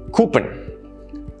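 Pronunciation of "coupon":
'Coupon' is pronounced incorrectly here.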